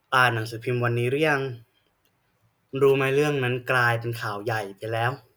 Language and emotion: Thai, frustrated